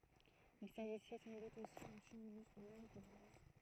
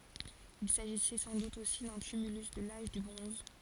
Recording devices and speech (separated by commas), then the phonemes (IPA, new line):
throat microphone, forehead accelerometer, read sentence
il saʒisɛ sɑ̃ dut osi dœ̃ tymylys də laʒ dy bʁɔ̃z